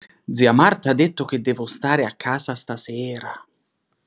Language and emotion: Italian, surprised